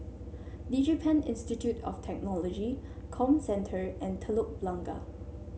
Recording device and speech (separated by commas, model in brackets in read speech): mobile phone (Samsung C7), read sentence